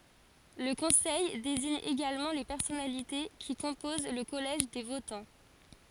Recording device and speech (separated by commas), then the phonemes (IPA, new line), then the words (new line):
forehead accelerometer, read sentence
lə kɔ̃sɛj deziɲ eɡalmɑ̃ le pɛʁsɔnalite ki kɔ̃poz lə kɔlɛʒ de votɑ̃
Le Conseil désigne également les personnalités qui composent le collège des votants.